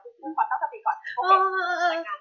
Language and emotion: Thai, frustrated